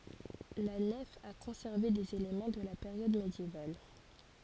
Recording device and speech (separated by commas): forehead accelerometer, read sentence